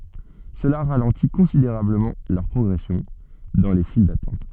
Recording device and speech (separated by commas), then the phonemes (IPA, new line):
soft in-ear microphone, read sentence
səla ʁalɑ̃ti kɔ̃sideʁabləmɑ̃ lœʁ pʁɔɡʁɛsjɔ̃ dɑ̃ le fil datɑ̃t